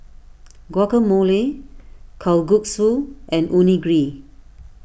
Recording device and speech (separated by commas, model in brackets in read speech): boundary microphone (BM630), read sentence